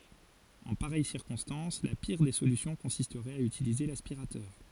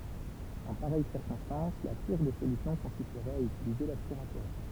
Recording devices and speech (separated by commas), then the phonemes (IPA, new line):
forehead accelerometer, temple vibration pickup, read sentence
ɑ̃ paʁɛj siʁkɔ̃stɑ̃s la piʁ de solysjɔ̃ kɔ̃sistʁɛt a ytilize laspiʁatœʁ